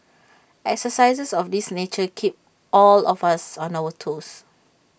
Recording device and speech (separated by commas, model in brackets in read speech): boundary microphone (BM630), read sentence